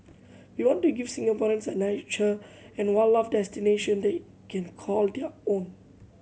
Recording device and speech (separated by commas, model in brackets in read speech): mobile phone (Samsung C7100), read sentence